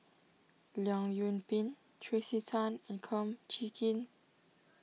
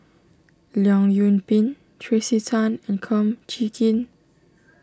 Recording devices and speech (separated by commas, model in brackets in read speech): mobile phone (iPhone 6), standing microphone (AKG C214), read sentence